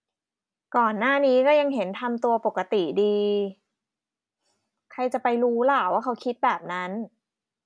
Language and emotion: Thai, neutral